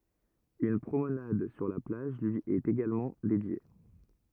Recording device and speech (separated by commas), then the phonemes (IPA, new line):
rigid in-ear microphone, read sentence
yn pʁomnad syʁ la plaʒ lyi ɛt eɡalmɑ̃ dedje